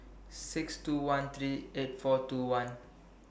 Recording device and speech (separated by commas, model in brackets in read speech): boundary microphone (BM630), read sentence